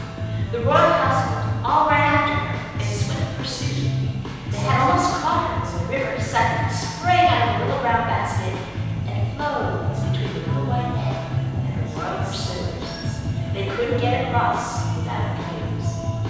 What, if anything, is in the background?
Music.